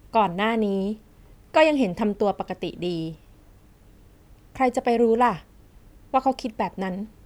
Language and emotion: Thai, frustrated